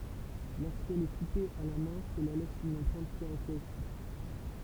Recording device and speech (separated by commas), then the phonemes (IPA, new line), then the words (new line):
temple vibration pickup, read sentence
loʁskɛl ɛ kupe a la mɛ̃ səla lɛs yn ɑ̃pʁɛ̃t kaʁakteʁistik
Lorsqu'elle est coupée à la main cela laisse une empreinte caractéristique.